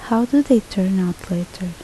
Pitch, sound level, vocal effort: 190 Hz, 73 dB SPL, soft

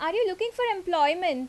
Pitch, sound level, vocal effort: 360 Hz, 89 dB SPL, loud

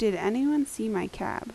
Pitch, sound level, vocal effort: 225 Hz, 80 dB SPL, normal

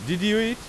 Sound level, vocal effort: 94 dB SPL, very loud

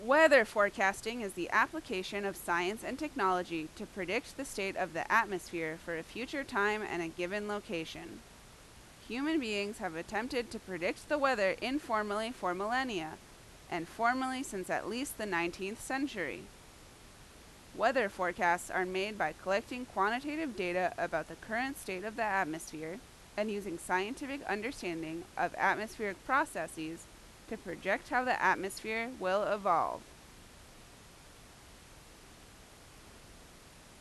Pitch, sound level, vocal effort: 200 Hz, 88 dB SPL, very loud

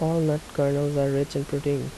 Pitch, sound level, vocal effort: 145 Hz, 78 dB SPL, soft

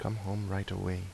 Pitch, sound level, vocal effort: 95 Hz, 77 dB SPL, soft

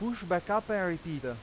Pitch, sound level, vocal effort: 180 Hz, 94 dB SPL, loud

